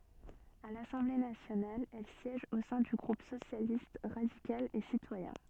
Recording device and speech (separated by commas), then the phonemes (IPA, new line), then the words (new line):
soft in-ear microphone, read sentence
a lasɑ̃ble nasjonal ɛl sjɛʒ o sɛ̃ dy ɡʁup sosjalist ʁadikal e sitwajɛ̃
À l’Assemblée nationale, elle siège au sein du groupe Socialiste, radical et citoyen.